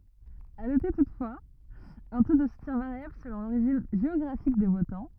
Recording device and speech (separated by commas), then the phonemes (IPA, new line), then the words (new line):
rigid in-ear microphone, read sentence
a note tutfwaz œ̃ to də sutjɛ̃ vaʁjabl səlɔ̃ loʁiʒin ʒeɔɡʁafik de votɑ̃
À noter toutefois, un taux de soutien variable selon l'origine géographique des votants.